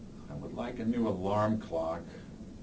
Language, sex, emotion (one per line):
English
male
neutral